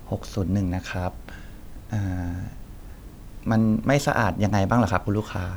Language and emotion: Thai, neutral